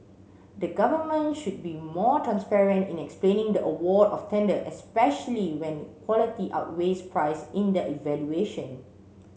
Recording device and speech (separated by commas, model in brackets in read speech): mobile phone (Samsung C7), read sentence